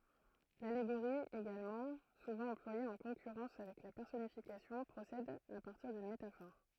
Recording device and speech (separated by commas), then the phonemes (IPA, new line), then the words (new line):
throat microphone, read sentence
laleɡoʁi eɡalmɑ̃ suvɑ̃ ɑ̃plwaje ɑ̃ kɔ̃kyʁɑ̃s avɛk la pɛʁsɔnifikasjɔ̃ pʁosɛd a paʁtiʁ dyn metafɔʁ
L'allégorie également, souvent employée en concurrence avec la personnification, procède à partir d'une métaphore.